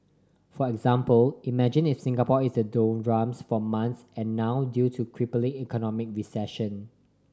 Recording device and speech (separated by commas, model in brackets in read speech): standing microphone (AKG C214), read sentence